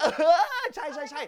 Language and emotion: Thai, happy